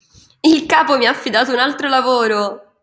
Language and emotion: Italian, happy